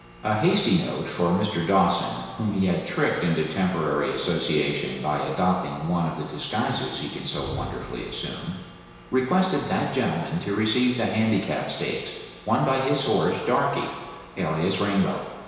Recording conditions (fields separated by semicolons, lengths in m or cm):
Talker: one person; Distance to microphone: 1.7 m; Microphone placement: close; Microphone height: 1.0 m; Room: very reverberant, large; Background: none